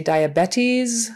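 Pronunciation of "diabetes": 'Diabetes' is pronounced incorrectly here.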